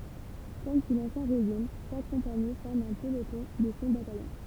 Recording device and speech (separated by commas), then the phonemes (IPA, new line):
temple vibration pickup, read sentence
kɔm su lɑ̃sjɛ̃ ʁeʒim ʃak kɔ̃pani fɔʁm œ̃ pəlotɔ̃ də sɔ̃ batajɔ̃